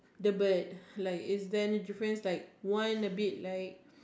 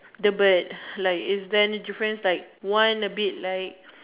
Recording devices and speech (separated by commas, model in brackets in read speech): standing microphone, telephone, conversation in separate rooms